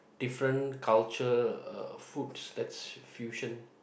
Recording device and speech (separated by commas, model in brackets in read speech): boundary microphone, conversation in the same room